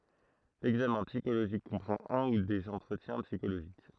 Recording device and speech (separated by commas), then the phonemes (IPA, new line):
throat microphone, read sentence
lɛɡzamɛ̃ psikoloʒik kɔ̃pʁɑ̃t œ̃ u dez ɑ̃tʁətjɛ̃ psikoloʒik